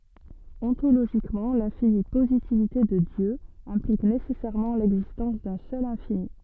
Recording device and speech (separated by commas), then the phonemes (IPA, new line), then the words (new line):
soft in-ear microphone, read sentence
ɔ̃toloʒikmɑ̃ lɛ̃fini pozitivite də djø ɛ̃plik nesɛsɛʁmɑ̃ lɛɡzistɑ̃s dœ̃ sœl ɛ̃fini
Ontologiquement, l'infinie positivité de Dieu implique nécessairement l'existence d'un seul infini.